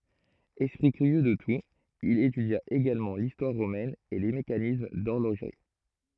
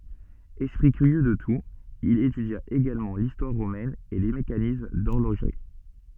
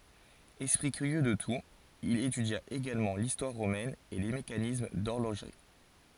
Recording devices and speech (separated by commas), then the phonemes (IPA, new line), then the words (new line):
throat microphone, soft in-ear microphone, forehead accelerometer, read sentence
ɛspʁi kyʁjø də tut il etydja eɡalmɑ̃ listwaʁ ʁomɛn e le mekanism dɔʁloʒʁi
Esprit curieux de tout, il étudia également l’histoire romaine et les mécanismes d’horlogerie.